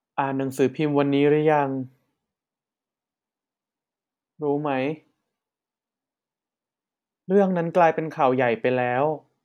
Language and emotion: Thai, frustrated